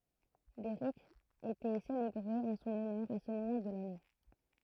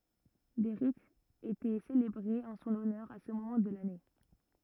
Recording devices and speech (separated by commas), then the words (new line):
throat microphone, rigid in-ear microphone, read sentence
Des rites étaient célébrées en son honneur à ce moment de l'année.